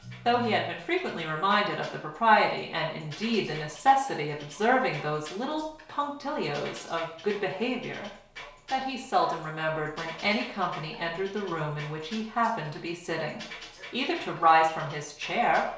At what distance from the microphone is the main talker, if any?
1.0 m.